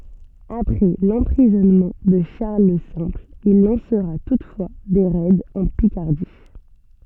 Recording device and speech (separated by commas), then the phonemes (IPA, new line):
soft in-ear microphone, read sentence
apʁɛ lɑ̃pʁizɔnmɑ̃ də ʃaʁl lə sɛ̃pl il lɑ̃sʁa tutfwa de ʁɛdz ɑ̃ pikaʁdi